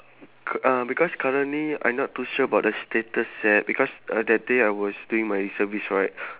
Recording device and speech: telephone, conversation in separate rooms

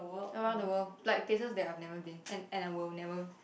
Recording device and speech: boundary microphone, conversation in the same room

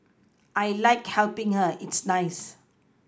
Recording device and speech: close-talking microphone (WH20), read sentence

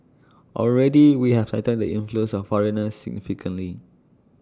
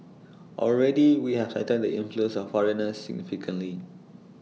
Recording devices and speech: standing microphone (AKG C214), mobile phone (iPhone 6), read sentence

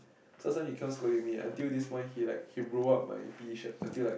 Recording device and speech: boundary microphone, conversation in the same room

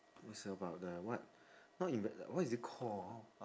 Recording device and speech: standing microphone, conversation in separate rooms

